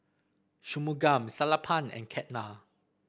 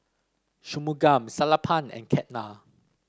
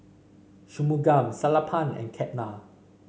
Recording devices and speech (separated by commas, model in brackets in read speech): boundary microphone (BM630), standing microphone (AKG C214), mobile phone (Samsung C5), read sentence